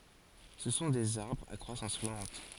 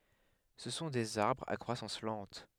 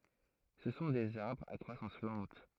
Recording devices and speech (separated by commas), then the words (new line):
forehead accelerometer, headset microphone, throat microphone, read sentence
Ce sont des arbres à croissance lente.